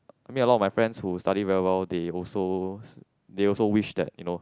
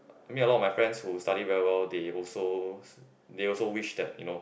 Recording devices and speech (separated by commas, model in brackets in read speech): close-talking microphone, boundary microphone, conversation in the same room